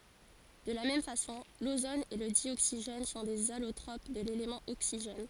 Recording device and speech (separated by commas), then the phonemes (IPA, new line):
forehead accelerometer, read sentence
də la mɛm fasɔ̃ lozon e lə djoksiʒɛn sɔ̃ dez alotʁop də lelemɑ̃ oksiʒɛn